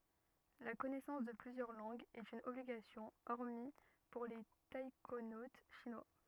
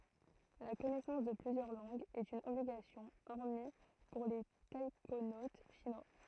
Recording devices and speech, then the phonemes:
rigid in-ear microphone, throat microphone, read sentence
la kɔnɛsɑ̃s də plyzjœʁ lɑ̃ɡz ɛt yn ɔbliɡasjɔ̃ ɔʁmi puʁ le taikonot ʃinwa

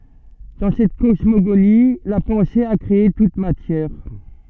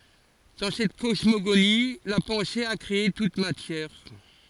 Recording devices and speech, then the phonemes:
soft in-ear microphone, forehead accelerometer, read sentence
dɑ̃ sɛt kɔsmoɡoni la pɑ̃se a kʁee tut matjɛʁ

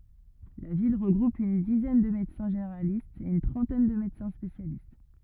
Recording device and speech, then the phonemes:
rigid in-ear microphone, read sentence
la vil ʁəɡʁup yn dizɛn də medəsɛ̃ ʒeneʁalistz e yn tʁɑ̃tɛn də medəsɛ̃ spesjalist

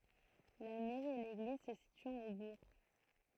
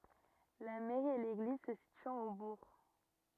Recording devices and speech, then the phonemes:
throat microphone, rigid in-ear microphone, read sentence
la mɛʁi e leɡliz sə sityɑ̃t o buʁ

